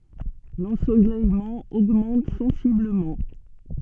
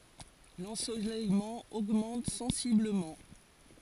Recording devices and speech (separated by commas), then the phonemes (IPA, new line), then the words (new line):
soft in-ear microphone, forehead accelerometer, read sentence
lɑ̃solɛjmɑ̃ oɡmɑ̃t sɑ̃sibləmɑ̃
L'ensoleillement augmente sensiblement.